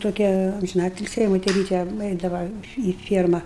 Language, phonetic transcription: Lithuanian, ˈtokia amžiˈnatilsį jai moteˈryte ˈeidava į ˈfierma

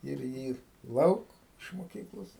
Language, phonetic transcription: Lithuanian, ir ˈjį ˈlauk iš moˈkyklos

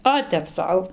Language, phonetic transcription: Lithuanian, ˈo tep ˈsau

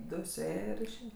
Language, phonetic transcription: Lithuanian, ˈdu suˈėja ir išˈėja

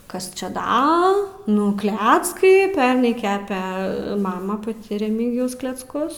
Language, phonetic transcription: Lithuanian, ˈkas ˈčia ˈda ˈnu ˈkleckai ˈpernai ˈkepe ˈmama paˈti reˈmygijaus klecˈkus

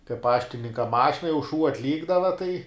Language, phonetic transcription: Lithuanian, kai ˈpaštininka ˈmašina jau šū atˈlykdava tai

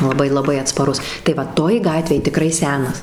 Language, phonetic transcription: Lithuanian, laˈbai laˈbai atspaˈrus tai ˈva ˈtoj ˈgatvėj tiˈkrai ˈsenas

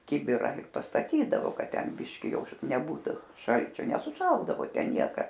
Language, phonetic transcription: Lithuanian, ˈkibira ir pastaˈtydavo ˈkad ˈten ˈbiški ˈjau neˈbūtu ˈšalčio nesuˈšaldavo ˈten ˈnieka

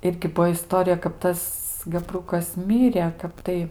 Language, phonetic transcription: Lithuanian, ˈirgi ˈbuo iˈstorija kap ˈtas gaˈbrukas ˈmirė ˈkap tai

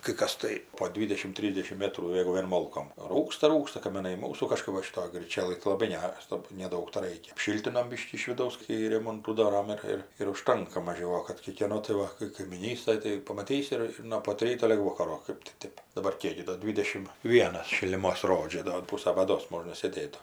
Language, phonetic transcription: Lithuanian, kai ˈkas tai po ˈdvydešim ˈtrysdešim ˈmėtrų ˈjėgu vien ˈmolkom ˈrūksta ˈrūksta kamiˈnai ˈmūsų kaˈžkɜp va šiˈtoj gryˈčelɘj tai laˈbai ˈgeras tab neˈdaug taˈraikia apˈšyltinom ˈbyškį iš viˈdaus kai ˈremontų ˈdoram ˈir ir ir užˈtanka maˈžiau o ˈkap kai kėˈno tai ˈva kai kaimyˈnystoj tai pamaˈtysi ˈir ir no pat ˈryto lig ˈvokaro ˈkɜp ti ˈtėp daˈbar ˈkiek gi ˈdo ˈdvidešim ˈvienas šiliˈmos ˈrodžia do ˈpūsa baˈdos ˈmožna sėˈdėt

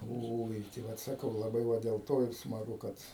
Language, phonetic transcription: Lithuanian, ˈoi tai ˈvat saˈkau laˈbai ˈva dėl ˈto ir smaˈgu ˈkad

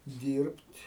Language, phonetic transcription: Lithuanian, ˈdyrbt'

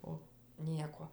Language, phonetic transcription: Lithuanian, o ˈnieko

